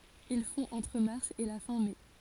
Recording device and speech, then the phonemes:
forehead accelerometer, read sentence
il fɔ̃ ɑ̃tʁ maʁs e la fɛ̃ mɛ

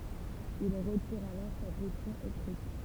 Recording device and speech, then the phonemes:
temple vibration pickup, read sentence
il ʁətiʁ alɔʁ sa kɛstjɔ̃ ekʁit

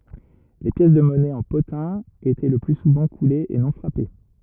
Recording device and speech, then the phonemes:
rigid in-ear microphone, read sentence
le pjɛs də mɔnɛ ɑ̃ potɛ̃ etɛ lə ply suvɑ̃ kulez e nɔ̃ fʁape

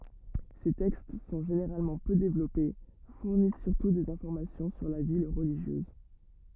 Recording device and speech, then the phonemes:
rigid in-ear microphone, read sentence
se tɛkst sɔ̃ ʒeneʁalmɑ̃ pø devlɔpe fuʁnis syʁtu dez ɛ̃fɔʁmasjɔ̃ syʁ la vi ʁəliʒjøz

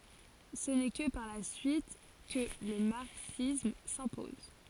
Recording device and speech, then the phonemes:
forehead accelerometer, read sentence
sə nɛ kə paʁ la syit kə lə maʁksism sɛ̃pɔz

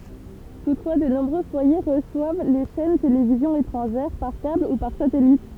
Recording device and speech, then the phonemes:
temple vibration pickup, read sentence
tutfwa də nɔ̃bʁø fwaje ʁəswav le ʃɛn televizjɔ̃z etʁɑ̃ʒɛʁ paʁ kabl u paʁ satɛlit

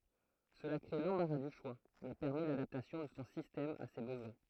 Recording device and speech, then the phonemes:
throat microphone, read sentence
səla kʁe lɑ̃baʁa dy ʃwa mɛ pɛʁmɛ ladaptasjɔ̃ də sɔ̃ sistɛm a se bəzwɛ̃

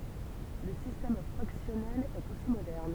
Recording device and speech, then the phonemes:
temple vibration pickup, read sentence
lə sistɛm fʁaksjɔnɛl ɛt osi modɛʁn

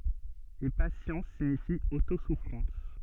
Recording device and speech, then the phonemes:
soft in-ear microphone, read sentence
e pasjɑ̃s siɲifi otosufʁɑ̃s

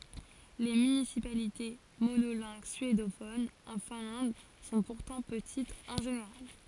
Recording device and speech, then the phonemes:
forehead accelerometer, read sentence
le mynisipalite monolɛ̃ɡ syedofonz ɑ̃ fɛ̃lɑ̃d sɔ̃ puʁtɑ̃ pətitz ɑ̃ ʒeneʁal

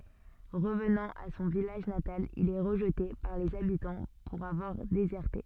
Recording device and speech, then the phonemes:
soft in-ear microphone, read sentence
ʁəvnɑ̃ a sɔ̃ vilaʒ natal il ɛ ʁəʒte paʁ lez abitɑ̃ puʁ avwaʁ dezɛʁte

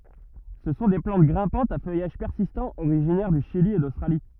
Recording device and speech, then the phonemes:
rigid in-ear microphone, read sentence
sə sɔ̃ de plɑ̃t ɡʁɛ̃pɑ̃tz a fœjaʒ pɛʁsistɑ̃ oʁiʒinɛʁ dy ʃili e dostʁali

